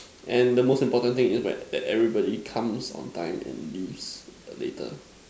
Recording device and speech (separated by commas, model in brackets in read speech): standing microphone, conversation in separate rooms